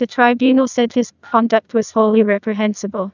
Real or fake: fake